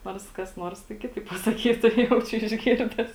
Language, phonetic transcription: Lithuanian, ˈnors kas ˈnors tai ˈkitaip pasaˈkytu ˈjaučiu išˈgirdes

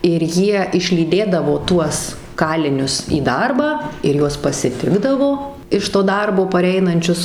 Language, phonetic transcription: Lithuanian, ir ˈjie išlyˈdėdavo ˈtuos ˈkalinius į ˈdarbą ir ˈjuos pasiˈtikdavo iš to ˈdarbo paˈreinančius

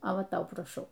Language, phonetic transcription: Lithuanian, o ˈva ˈtau praˈšau

